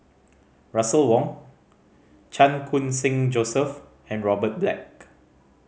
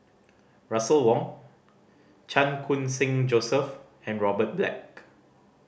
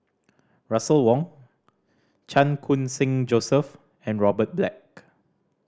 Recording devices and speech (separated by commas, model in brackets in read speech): mobile phone (Samsung C5010), boundary microphone (BM630), standing microphone (AKG C214), read sentence